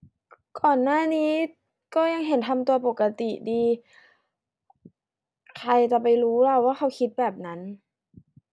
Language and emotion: Thai, sad